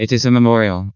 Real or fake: fake